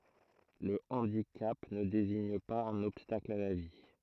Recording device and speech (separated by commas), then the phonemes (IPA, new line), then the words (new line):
throat microphone, read sentence
lə ɑ̃dikap nə deziɲ paz œ̃n ɔbstakl a la vi
Le handicap ne désigne pas un obstacle à la vie.